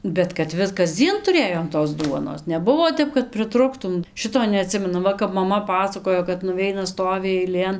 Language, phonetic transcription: Lithuanian, bet kad ˈvis kasˈdzien tuˈrėjom tos ˈduonos neˈbuvo ˈtep kad priˈtruktum ˈšito neaˈtsimenu ˈva kap maˈma ˈpasakojo kad nuˈveina ˈstovi eiˈlėn

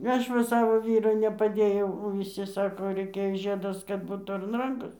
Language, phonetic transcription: Lithuanian, ˈaš va ˈsavo ˈvyru nepaˈdėjau o viˈsi ˈsako ˈreikia ˈžiedas kad ˈbūt ar an ˈrankos

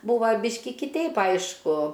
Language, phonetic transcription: Lithuanian, ˈbūva ˈbyški kiˈteip ˈaišku

